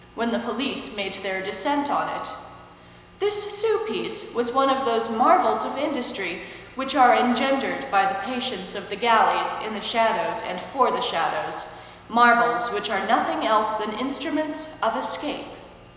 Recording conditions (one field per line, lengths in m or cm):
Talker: one person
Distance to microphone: 1.7 m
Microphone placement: close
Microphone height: 1.0 m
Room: very reverberant, large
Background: none